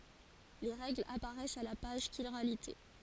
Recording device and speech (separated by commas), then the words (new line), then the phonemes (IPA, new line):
forehead accelerometer, read sentence
Les règles apparaissent à la page Chiralité.
le ʁɛɡlz apaʁɛst a la paʒ ʃiʁalite